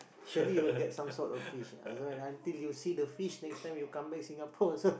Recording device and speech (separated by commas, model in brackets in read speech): boundary microphone, conversation in the same room